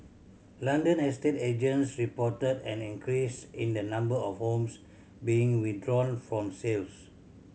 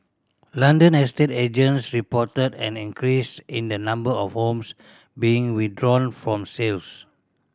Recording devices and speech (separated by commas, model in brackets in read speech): mobile phone (Samsung C7100), standing microphone (AKG C214), read sentence